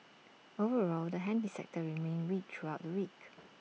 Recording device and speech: mobile phone (iPhone 6), read sentence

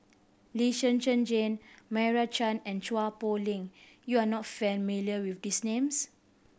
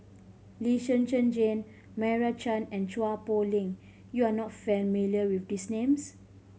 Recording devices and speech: boundary microphone (BM630), mobile phone (Samsung C5010), read sentence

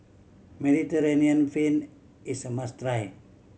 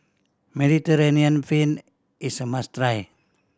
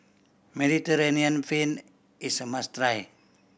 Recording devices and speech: mobile phone (Samsung C7100), standing microphone (AKG C214), boundary microphone (BM630), read sentence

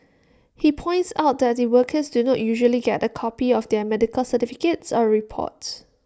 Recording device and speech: standing microphone (AKG C214), read sentence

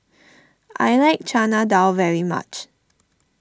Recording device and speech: standing microphone (AKG C214), read sentence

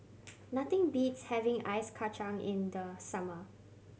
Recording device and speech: mobile phone (Samsung C7100), read sentence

